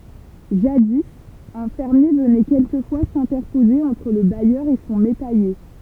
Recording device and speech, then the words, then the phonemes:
temple vibration pickup, read sentence
Jadis, un fermier venait quelquefois s'interposer entre le bailleur et son métayer.
ʒadi œ̃ fɛʁmje vənɛ kɛlkəfwa sɛ̃tɛʁpoze ɑ̃tʁ lə bajœʁ e sɔ̃ metɛje

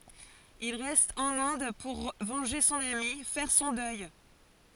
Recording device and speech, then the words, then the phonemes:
forehead accelerometer, read sentence
Il reste en Inde pour venger son amie, faire son deuil.
il ʁɛst ɑ̃n ɛ̃d puʁ vɑ̃ʒe sɔ̃n ami fɛʁ sɔ̃ dœj

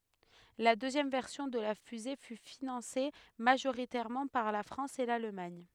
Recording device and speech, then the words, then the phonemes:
headset microphone, read sentence
La deuxième version de la fusée fut financée majoritairement par la France et l'Allemagne.
la døzjɛm vɛʁsjɔ̃ də la fyze fy finɑ̃se maʒoʁitɛʁmɑ̃ paʁ la fʁɑ̃s e lalmaɲ

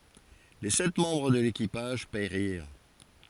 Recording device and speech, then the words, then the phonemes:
forehead accelerometer, read sentence
Les sept membres de l'équipage périrent.
le sɛt mɑ̃bʁ də lekipaʒ peʁiʁ

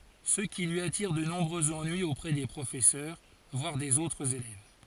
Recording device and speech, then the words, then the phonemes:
forehead accelerometer, read sentence
Ce qui lui attire de nombreux ennuis auprès des professeurs, voire des autres élèves.
sə ki lyi atiʁ də nɔ̃bʁøz ɑ̃nyiz opʁɛ de pʁofɛsœʁ vwaʁ dez otʁz elɛv

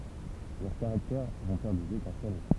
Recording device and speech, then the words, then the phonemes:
temple vibration pickup, read sentence
Leurs caractères vont faire des étincelles.
lœʁ kaʁaktɛʁ vɔ̃ fɛʁ dez etɛ̃sɛl

